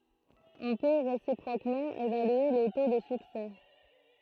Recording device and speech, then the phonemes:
throat microphone, read sentence
ɔ̃ pø ʁesipʁokmɑ̃ evalye lə to də syksɛ

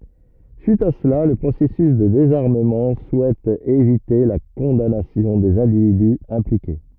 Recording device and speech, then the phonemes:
rigid in-ear microphone, read sentence
syit a səla lə pʁosɛsys də dezaʁməmɑ̃ suɛt evite la kɔ̃danasjɔ̃ dez ɛ̃dividy ɛ̃plike

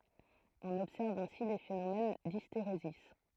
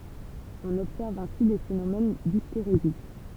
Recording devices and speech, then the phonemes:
throat microphone, temple vibration pickup, read sentence
ɔ̃n ɔbsɛʁv ɛ̃si de fenomɛn disteʁezi

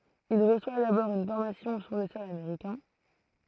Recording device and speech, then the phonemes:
throat microphone, read sentence
il ʁəswa dabɔʁ yn fɔʁmasjɔ̃ syʁ lə sɔl ameʁikɛ̃

